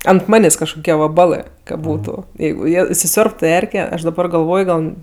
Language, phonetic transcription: Lithuanian, ant ˈmanės' kažkoˈkie vaˈbalɜ ka ˈbūtu ˈjeigu ˈjie isiˈsiorbtu ˈerke ˈaš daˈbar galˈvoj ˈgal

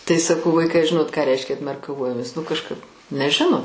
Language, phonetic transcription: Lithuanian, tai saˈkau ˈvaikai a ˈžinot ką ˈreiškia atmerkaˈvojomės va nu kažˈkap neˈžino

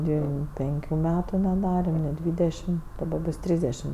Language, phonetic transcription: Lithuanian, ˈdvim ˈpenkiu ˈmetu neˈdarem ni ˈdvydešim daˈba ˈbus ˈtrysdešim

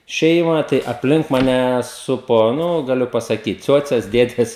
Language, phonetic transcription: Lithuanian, ˈšeima tai apˈlink maˈne ˈsupo ˈnu gaˈliu pasaˈkyt ˈciuoces ˈdėdes

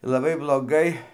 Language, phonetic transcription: Lithuanian, laˈbai bloˈgai

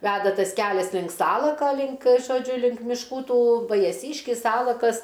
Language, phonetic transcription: Lithuanian, ˈveda ˈtas ˈkelias link ˈsalaka link žoˈdžiu link mišˈkų ˈtų vajaˈsyškis ˈsalakas

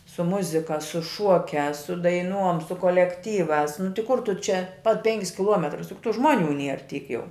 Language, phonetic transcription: Lithuanian, su ˈmuzika su ˈšuokiās su daiˈnuom su kolekˈtyvās nu ti ˈkur ˈtu ˈčia pat ˈpenkis kiˈluometrus juk tu ˈžmuoˌnių ˈnier ˈtyk ˈjau

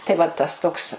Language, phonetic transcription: Lithuanian, tai va ˈtas ˈtoks

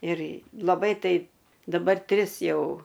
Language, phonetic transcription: Lithuanian, ir laˈbai ˈtaip daˈbar ˈtris ˈjau

